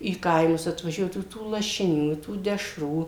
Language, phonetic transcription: Lithuanian, į ˈkaimus atvaˈžiuodavu tų lašiˈnių i tų deˈšrų

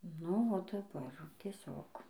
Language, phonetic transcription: Lithuanian, nu o daˈbar tieˈsiog

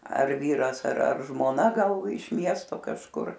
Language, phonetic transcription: Lithuanian, ar ˈvyras ar ar žmoˈna ˈgal iš ˈmiesto kažˈkur

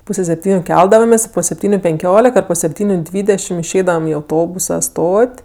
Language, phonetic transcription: Lithuanian, ˈpūse sepˈtyniu ˈkeldavamės' po sepˈtyniu penˈkiolik ar po sepˈtyniu ˈdvydešim išˈeidavam i auˈtobusa ˈstot'

